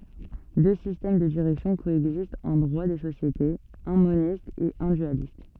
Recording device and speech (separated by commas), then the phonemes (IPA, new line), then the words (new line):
soft in-ear microphone, read sentence
dø sistɛm də diʁɛksjɔ̃ koɛɡzistt ɑ̃ dʁwa de sosjetez œ̃ monist e œ̃ dyalist
Deux systèmes de direction coexistent en droit des sociétés, un moniste et un dualiste.